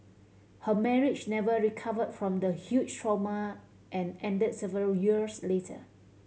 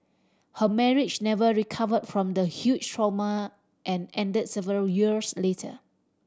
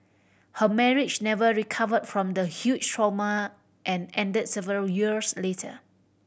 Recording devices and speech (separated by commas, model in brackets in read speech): mobile phone (Samsung C7100), standing microphone (AKG C214), boundary microphone (BM630), read sentence